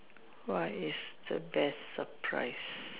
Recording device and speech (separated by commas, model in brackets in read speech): telephone, conversation in separate rooms